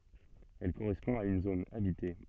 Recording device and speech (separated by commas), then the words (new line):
soft in-ear microphone, read sentence
Elle correspond à une zone habitée.